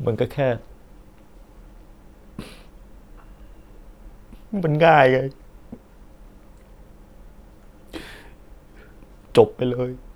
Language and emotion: Thai, sad